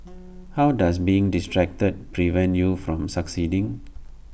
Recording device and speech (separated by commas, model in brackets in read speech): boundary microphone (BM630), read sentence